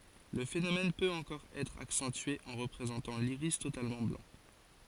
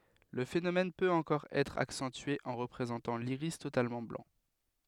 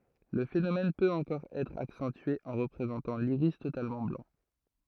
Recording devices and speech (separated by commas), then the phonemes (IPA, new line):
forehead accelerometer, headset microphone, throat microphone, read sentence
lə fenomɛn pøt ɑ̃kɔʁ ɛtʁ aksɑ̃tye ɑ̃ ʁəpʁezɑ̃tɑ̃ liʁis totalmɑ̃ blɑ̃